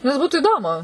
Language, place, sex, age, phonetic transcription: Lithuanian, Suvalkija, female, 18-60, nes ˈbūtu iˈdomu

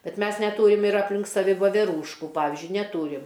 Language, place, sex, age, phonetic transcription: Lithuanian, Aukštaitija, female, 60+, ˈbet ˈmes neˈtūrim ir apˈlink saˈvi voveˈrūšku ˈpavizdžiui neˈtūrim

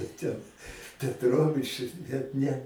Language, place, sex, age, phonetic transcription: Lithuanian, Aukštaitija, male, 60+, ten petˈrovič bet ˈne

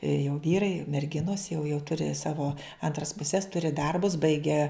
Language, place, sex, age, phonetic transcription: Lithuanian, Žemaitija, female, 60+, i jau ˈvyrai ir merˈginos jau jau ˈturi ˈsavo ˈantras puˈses ˈturi ˈdarbus ˈbaigę

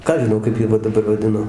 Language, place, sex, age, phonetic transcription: Lithuanian, Dzūkija, male, 60+, ˈką aš žiˈnau kaip ˈjie va daˈbar vaˈdino

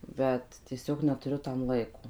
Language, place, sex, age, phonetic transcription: Lithuanian, Suvalkija, female, 18-60, ˈbet tieˈsiog netuˈriu tam ˈlaiko

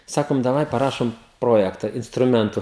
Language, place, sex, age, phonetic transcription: Lithuanian, Žemaitija, male, 18-60, ˈsakom daˈvai paˈrašom ˈprojekta instruˈmentu

